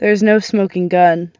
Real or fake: real